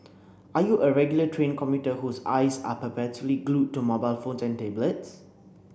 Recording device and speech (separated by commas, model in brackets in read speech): boundary microphone (BM630), read sentence